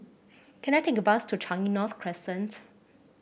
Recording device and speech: boundary microphone (BM630), read sentence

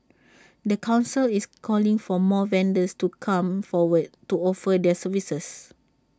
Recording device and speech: standing microphone (AKG C214), read sentence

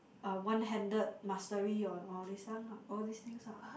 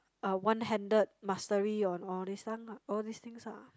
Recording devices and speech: boundary microphone, close-talking microphone, conversation in the same room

